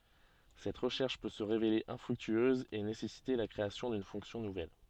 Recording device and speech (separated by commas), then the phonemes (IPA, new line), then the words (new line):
soft in-ear microphone, read sentence
sɛt ʁəʃɛʁʃ pø sə ʁevele ɛ̃fʁyktyøz e nesɛsite la kʁeasjɔ̃ dyn fɔ̃ksjɔ̃ nuvɛl
Cette recherche peut se révéler infructueuse et nécessiter la création d'une fonction nouvelle.